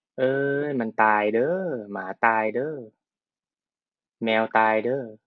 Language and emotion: Thai, frustrated